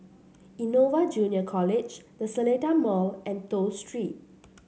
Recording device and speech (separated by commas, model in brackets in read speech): mobile phone (Samsung C7), read sentence